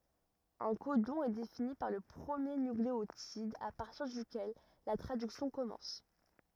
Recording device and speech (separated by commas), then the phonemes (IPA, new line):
rigid in-ear microphone, read sentence
œ̃ kodɔ̃ ɛ defini paʁ lə pʁəmje nykleotid a paʁtiʁ dykɛl la tʁadyksjɔ̃ kɔmɑ̃s